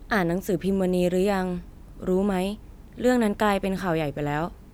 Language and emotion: Thai, neutral